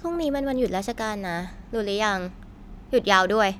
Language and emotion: Thai, neutral